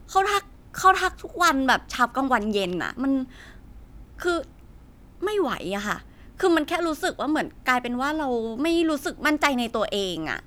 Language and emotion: Thai, frustrated